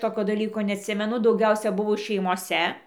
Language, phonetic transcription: Lithuanian, ˈtokio daˈlyko neatˈsimenu dauˈgiausia ˈbuvo šeimoˈse

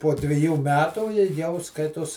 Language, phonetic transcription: Lithuanian, po dviˈjų ˈmetų i jau ˈskaitos

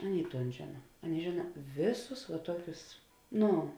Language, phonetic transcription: Lithuanian, ˈaˌnėi ˈton ˈžėna ˈaˌnėi ˈžėna ˈvėˌsus va ˈtuokius ˈnu

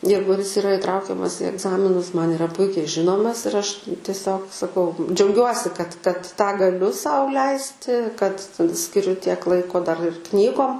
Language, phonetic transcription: Lithuanian, ˈjeigu jis iˈra iˈtraukiamas į egˈzaminus ˈman iˈra ˈpuikiai ˈžinomas ir ˈaš tieˈsiog saˈkau džiauˈgiuosi kad kad tą gaˈliu ˈsau ˈleisti kad skiˈriu tiek ˈlaiko dar ir ˈknygom

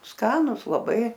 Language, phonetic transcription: Lithuanian, ˈskanus laˈbai

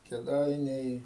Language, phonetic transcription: Lithuanian, keˈdainiai

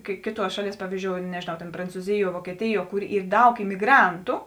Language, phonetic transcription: Lithuanian, kai ˈkėˌtuos ˈšaˌlies ˈpavyzdžiou nežėˈnau tėn prancūˈziˌjuo vuokieˈtiˌjuo ˈkur ˈyr ˈdaug imiˈgrantu

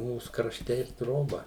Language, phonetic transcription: Lithuanian, ˈmūs krašˈte ir ˈtroba

